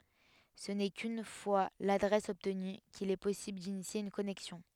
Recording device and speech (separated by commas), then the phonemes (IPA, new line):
headset microphone, read sentence
sə nɛ kyn fwa ladʁɛs ɔbtny kil ɛ pɔsibl dinisje yn kɔnɛksjɔ̃